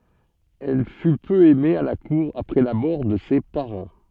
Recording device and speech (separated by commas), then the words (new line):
soft in-ear microphone, read sentence
Elle fut peu aimée à la cour après la mort de ses parents.